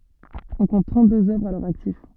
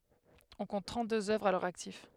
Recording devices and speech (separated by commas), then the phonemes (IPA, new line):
soft in-ear microphone, headset microphone, read sentence
ɔ̃ kɔ̃t tʁɑ̃tdøz œvʁz a lœʁ aktif